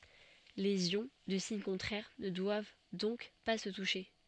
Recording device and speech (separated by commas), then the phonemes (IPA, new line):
soft in-ear microphone, read sentence
lez jɔ̃ də siɲ kɔ̃tʁɛʁ nə dwav dɔ̃k pa sə tuʃe